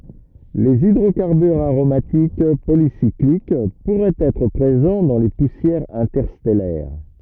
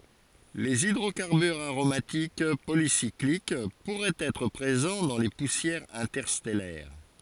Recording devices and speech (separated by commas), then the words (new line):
rigid in-ear microphone, forehead accelerometer, read sentence
Les hydrocarbures aromatiques polycycliques pourraient être présents dans les poussières interstellaires.